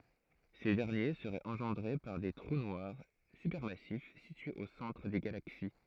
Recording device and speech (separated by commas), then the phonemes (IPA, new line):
throat microphone, read sentence
se dɛʁnje səʁɛt ɑ̃ʒɑ̃dʁe paʁ de tʁu nwaʁ sypɛʁmasif sityez o sɑ̃tʁ de ɡalaksi